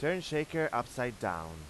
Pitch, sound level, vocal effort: 120 Hz, 93 dB SPL, loud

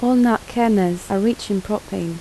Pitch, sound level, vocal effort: 210 Hz, 79 dB SPL, soft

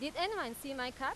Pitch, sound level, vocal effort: 275 Hz, 96 dB SPL, very loud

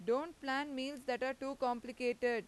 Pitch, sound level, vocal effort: 255 Hz, 93 dB SPL, very loud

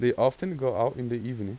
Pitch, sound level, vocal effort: 125 Hz, 89 dB SPL, normal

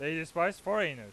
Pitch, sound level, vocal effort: 170 Hz, 101 dB SPL, very loud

